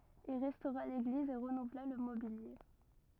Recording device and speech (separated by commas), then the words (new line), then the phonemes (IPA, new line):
rigid in-ear microphone, read sentence
Il restaura l'église et renouvela le mobilier.
il ʁɛstoʁa leɡliz e ʁənuvla lə mobilje